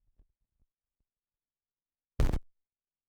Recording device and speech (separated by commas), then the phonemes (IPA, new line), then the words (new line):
rigid in-ear microphone, read sentence
mɛm tip də ʁeaksjɔ̃ kə lez alkan
Mêmes types de réactions que les alcanes.